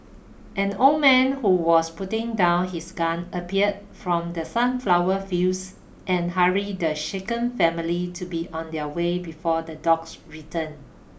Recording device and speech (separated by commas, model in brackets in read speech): boundary microphone (BM630), read sentence